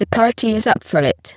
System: VC, spectral filtering